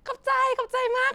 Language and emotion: Thai, happy